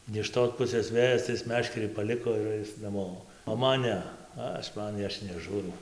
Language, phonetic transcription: Lithuanian, ne iš ˈtos ˈpusės ˈvėjas tai ˈis ˈmeškerį paˈliko ir ˈais naˈmo o ˈman ˈne ˈaš ˈman ˈaš neˈžūrau

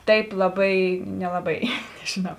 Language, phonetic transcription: Lithuanian, ˈtaip laˈbai nelaˈbai nežiˈnau

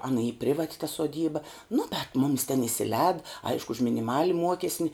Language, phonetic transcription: Lithuanian, ˈana y ˈprivat' ta suoˈdyba nu bet ˈmumis ten isiˈlēd ˈaišku už miniˈmali ˈmuokesni

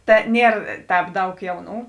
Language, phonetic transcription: Lithuanian, ˈta ˈnier ˈtēp ˈdaug ˈjauˌnų

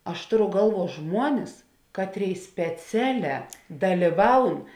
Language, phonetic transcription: Lithuanian, ˈaš ˈtoˌru ˈgalˌvuo ˈžmuonis ˈkatˌrėi speˈceˌlē dalyˈvaun

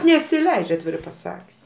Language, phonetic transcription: Lithuanian, nesiˈleidž' atˈvirai paˈsak's'

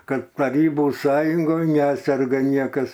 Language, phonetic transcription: Lithuanian, ˈkad taˈrybų ˈsąjungoj ˈneserga ˈniekas

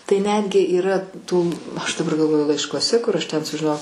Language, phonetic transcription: Lithuanian, tai ˈnetgi yˈra ˈtų ˈaš daˈbar galˈvoju laiškuoˈse kur ˈaš ten sužiˈnojau

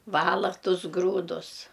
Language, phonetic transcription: Lithuanian, ˈvala ˈtus ˈgrūdus

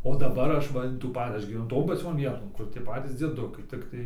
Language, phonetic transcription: Lithuanian, o daˈbar ˈaš ˈva in tų ˈpa ˈaš gyveˈnu ˈton paˈcion ˈvieton ˈkur tie ˈpatys dzieˈdukai ˈtiktai

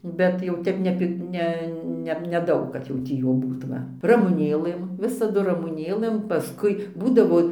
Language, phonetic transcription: Lithuanian, ˈbet jau ˈtep ne pi ˈne ˈne neˈdaug kad jau ˈtį jų ˈbūt ˈva ramuˈnėlɘm ˈvisadu ramuˈnėlɘm paˈskui ˈbūdavo

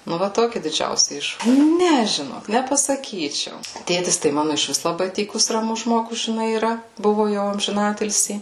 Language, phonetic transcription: Lithuanian, nu ˈva ˈtoki didžiausi ˈiš ˈne žiˈnok nepasaˈkyčiau ˈtėtis tai ˈmanu išˈvis laˈbai ˈtykus raˈmus ˈžmogus žiˈnai yˈra ˈbuvu jau amžiˈnatilsį

